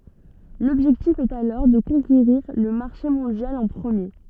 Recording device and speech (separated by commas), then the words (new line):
soft in-ear microphone, read sentence
L’objectif est alors de conquérir le marché mondial en premier.